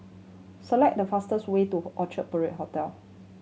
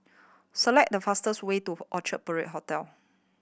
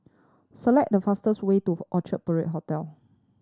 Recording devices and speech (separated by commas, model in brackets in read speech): mobile phone (Samsung C7100), boundary microphone (BM630), standing microphone (AKG C214), read sentence